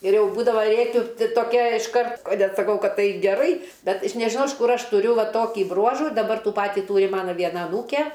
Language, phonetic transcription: Lithuanian, ir ˈjau ˈbūdava ˈrėkiu ti toˈkia išˈkart a net saˈkau ˈkad ˈtai geˈrai ˈbet iš nežiˈnau iš ˈkur ˈaš tuˈriu ˈva ˈtokį ˈbruožų daˈbar ˈtų ˈpatį ˈtūri ˈmana ˈviena aˈnūke

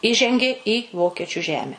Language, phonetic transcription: Lithuanian, ˈįžengė i ˈvokiečiu ˈžeme

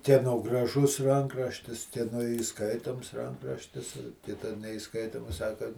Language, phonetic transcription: Lithuanian, kieˈno graˈžus ˈrankraštis kieˈno įˈskaitoms ˈrankraštis ˈkita neiˈskaitomas ˈsaka

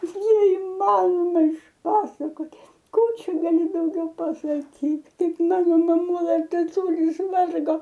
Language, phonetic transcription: Lithuanian, neiˈmanoma išˈpasakot' ˈkų ˈčia gaˈli dauˈgiau pasaˈkyt ˈkaip ˈmano maˈmula taˈtulis ˈvargo

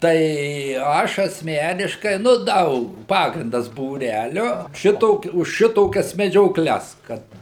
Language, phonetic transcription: Lithuanian, ˈtai ˈaš asˈmeniškai nu ˈdaug ˈpagrindas būˈrælio ˈšito už ˈšitokias medžioˈkles ˈkad

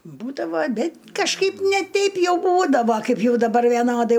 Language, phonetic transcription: Lithuanian, ˈbūdavo aˈbi kažˈkaip ne ˈteip ˈjau ˈbūdavo ˈkaip ˈjau daˈbar vieˈnodai

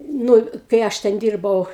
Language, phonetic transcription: Lithuanian, ˈnu kai ˈaš ten ˈdyrbau

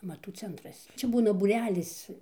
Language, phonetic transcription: Lithuanian, amaˈtų ˈcentras ˈčia ˈbūna būˈrelis

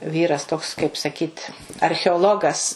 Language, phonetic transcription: Lithuanian, ˈvyras toks kaip saˈkyt archeoˈlogas

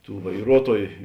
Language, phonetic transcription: Lithuanian, ˈtų vaiˈruotuoju

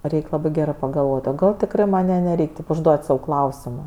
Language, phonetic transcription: Lithuanian, ˈreik' ˈlabɜ ˈgerɜ pagalˈvot' o ˈgal tikˈrɜ ˈman' ˈja neˈreik' tip užˈduot' sau ˈklausimo

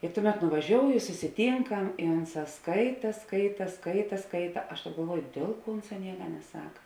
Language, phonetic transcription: Lithuanian, i ˈtuˌmet nuvaˈžioujo i susiˈtynkam i ˈunˌsā ˈskaita ˈskaita ˈskaita ˈskaita ˈaš galˈvuoju ˈdėl ˌkuo ˈunˌsā ˈnieka neˈsak

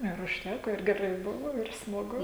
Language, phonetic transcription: Lithuanian, ir užˈtæko ir geˈrai ˈbuvo ir smaˈgu

